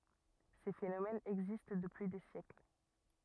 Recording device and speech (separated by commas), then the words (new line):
rigid in-ear microphone, read sentence
Ces phénomènes existent depuis des siècles.